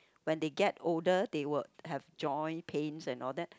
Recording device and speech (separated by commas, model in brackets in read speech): close-talking microphone, conversation in the same room